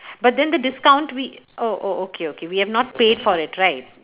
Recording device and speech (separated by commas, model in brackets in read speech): telephone, conversation in separate rooms